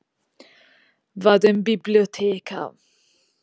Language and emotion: Italian, disgusted